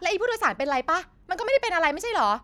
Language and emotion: Thai, angry